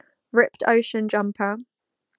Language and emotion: English, neutral